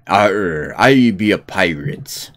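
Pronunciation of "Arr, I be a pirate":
'Arr, I be a pirate' is said in a pirate accent, a stylized, jazzed-up version of the West Country accent, with hard R sounds.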